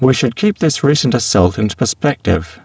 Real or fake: fake